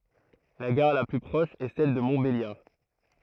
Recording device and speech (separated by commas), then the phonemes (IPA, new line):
throat microphone, read sentence
la ɡaʁ la ply pʁɔʃ ɛ sɛl də mɔ̃tbeljaʁ